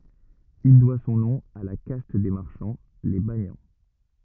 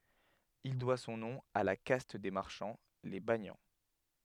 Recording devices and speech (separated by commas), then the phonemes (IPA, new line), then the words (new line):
rigid in-ear microphone, headset microphone, read sentence
il dwa sɔ̃ nɔ̃ a la kast de maʁʃɑ̃ le banjɑ̃
Il doit son nom à la caste des marchands, les banians.